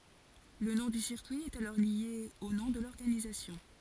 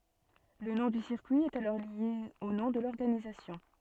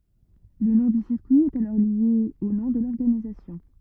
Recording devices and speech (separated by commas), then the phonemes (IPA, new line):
forehead accelerometer, soft in-ear microphone, rigid in-ear microphone, read sentence
lə nɔ̃ dy siʁkyi ɛt alɔʁ lje o nɔ̃ də lɔʁɡanizasjɔ̃